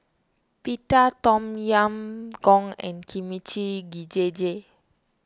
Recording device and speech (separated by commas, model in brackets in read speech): standing microphone (AKG C214), read sentence